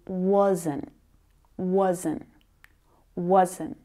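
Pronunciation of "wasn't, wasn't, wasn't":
'Wasn't' is said three times and pronounced clearly each time, not with the flattened sound it gets when unstressed.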